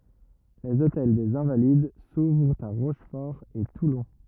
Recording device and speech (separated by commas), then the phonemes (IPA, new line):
rigid in-ear microphone, read sentence
lez otɛl dez ɛ̃valid suvʁt a ʁoʃfɔʁ e tulɔ̃